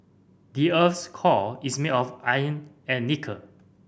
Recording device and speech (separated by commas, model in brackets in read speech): boundary microphone (BM630), read sentence